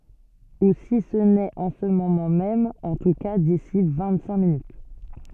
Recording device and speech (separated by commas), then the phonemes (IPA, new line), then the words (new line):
soft in-ear microphone, read sentence
u si sə nɛt ɑ̃ sə momɑ̃ mɛm ɑ̃ tu ka disi vɛ̃t sɛ̃k minyt
Ou si ce n'est en ce moment même, en tout cas d'ici vingt-cinq minutes.